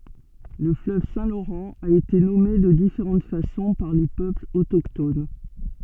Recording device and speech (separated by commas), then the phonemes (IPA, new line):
soft in-ear microphone, read sentence
lə fløv sɛ̃ loʁɑ̃ a ete nɔme də difeʁɑ̃t fasɔ̃ paʁ le pøplz otokton